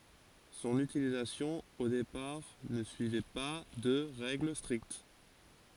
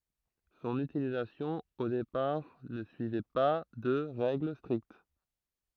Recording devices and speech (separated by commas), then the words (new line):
forehead accelerometer, throat microphone, read sentence
Son utilisation, au départ, ne suivait pas de règles strictes.